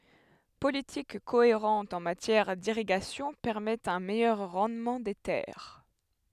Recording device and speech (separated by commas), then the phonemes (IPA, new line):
headset microphone, read sentence
politik koeʁɑ̃t ɑ̃ matjɛʁ diʁiɡasjɔ̃ pɛʁmɛtɑ̃ œ̃ mɛjœʁ ʁɑ̃dmɑ̃ de tɛʁ